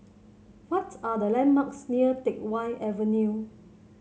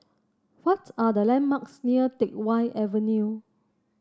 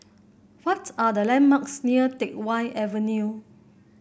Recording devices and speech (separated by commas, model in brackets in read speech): mobile phone (Samsung C7), standing microphone (AKG C214), boundary microphone (BM630), read sentence